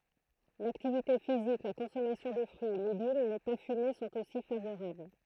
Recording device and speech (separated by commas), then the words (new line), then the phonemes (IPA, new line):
throat microphone, read sentence
L'activité physique, la consommation de fruits et légumes, ne pas fumer sont aussi favorables.
laktivite fizik la kɔ̃sɔmasjɔ̃ də fʁyiz e leɡym nə pa fyme sɔ̃t osi favoʁabl